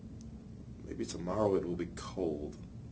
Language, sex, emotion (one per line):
English
male
neutral